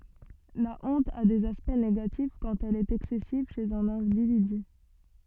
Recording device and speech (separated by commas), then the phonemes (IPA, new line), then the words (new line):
soft in-ear microphone, read sentence
la ɔ̃t a dez aspɛkt neɡatif kɑ̃t ɛl ɛt ɛksɛsiv ʃez œ̃n ɛ̃dividy
La honte a des aspects négatifs quand elle est excessive chez un individu.